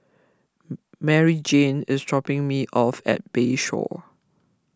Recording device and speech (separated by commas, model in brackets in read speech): close-talking microphone (WH20), read sentence